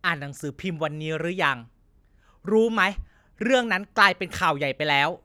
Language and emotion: Thai, angry